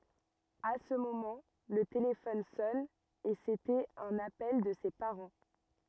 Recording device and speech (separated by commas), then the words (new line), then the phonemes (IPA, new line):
rigid in-ear microphone, read sentence
À ce moment, le téléphone sonne, et c'était un appel de ses parents.
a sə momɑ̃ lə telefɔn sɔn e setɛt œ̃n apɛl də se paʁɑ̃